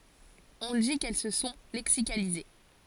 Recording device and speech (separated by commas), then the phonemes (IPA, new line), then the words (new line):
forehead accelerometer, read sentence
ɔ̃ di kɛl sə sɔ̃ lɛksikalize
On dit qu'elles se sont lexicalisées.